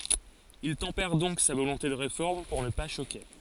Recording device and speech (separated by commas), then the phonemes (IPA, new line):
forehead accelerometer, read sentence
il tɑ̃pɛʁ dɔ̃k sa volɔ̃te də ʁefɔʁm puʁ nə pa ʃoke